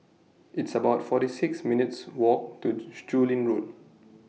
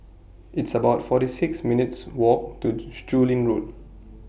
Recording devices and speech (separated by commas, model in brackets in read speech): mobile phone (iPhone 6), boundary microphone (BM630), read sentence